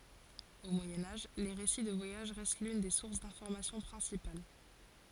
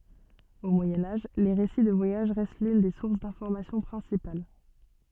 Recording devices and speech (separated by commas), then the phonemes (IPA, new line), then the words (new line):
forehead accelerometer, soft in-ear microphone, read sentence
o mwajɛ̃ aʒ le ʁesi də vwajaʒ ʁɛst lyn de suʁs dɛ̃fɔʁmasjɔ̃ pʁɛ̃sipal
Au Moyen Âge, les récits de voyage restent l'une des sources d'informations principales.